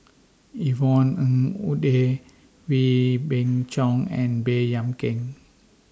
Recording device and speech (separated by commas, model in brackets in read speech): standing microphone (AKG C214), read sentence